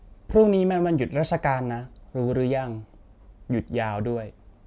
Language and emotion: Thai, neutral